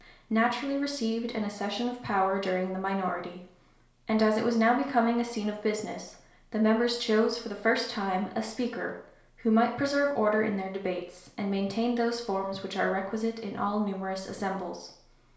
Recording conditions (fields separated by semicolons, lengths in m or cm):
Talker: one person; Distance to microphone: 1.0 m; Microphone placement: close; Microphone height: 1.1 m; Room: small (3.7 m by 2.7 m); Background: none